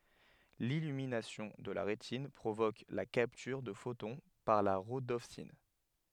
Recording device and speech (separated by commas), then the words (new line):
headset microphone, read sentence
L'illumination de la rétine provoque la capture de photon par la rhodopsine.